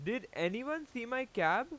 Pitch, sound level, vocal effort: 240 Hz, 95 dB SPL, very loud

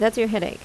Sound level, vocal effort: 82 dB SPL, normal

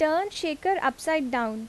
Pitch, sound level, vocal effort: 315 Hz, 85 dB SPL, normal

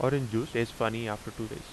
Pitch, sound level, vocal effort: 115 Hz, 82 dB SPL, normal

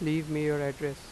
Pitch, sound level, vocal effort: 150 Hz, 89 dB SPL, normal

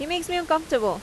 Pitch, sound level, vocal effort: 315 Hz, 86 dB SPL, loud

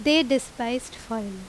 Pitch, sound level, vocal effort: 240 Hz, 86 dB SPL, very loud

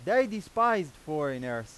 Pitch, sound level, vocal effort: 165 Hz, 99 dB SPL, very loud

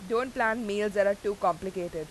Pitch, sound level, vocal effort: 205 Hz, 92 dB SPL, loud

